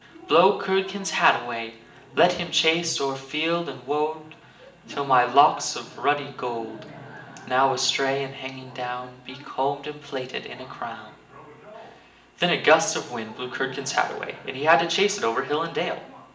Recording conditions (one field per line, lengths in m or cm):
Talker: one person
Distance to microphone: 1.8 m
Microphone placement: close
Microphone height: 1.0 m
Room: large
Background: television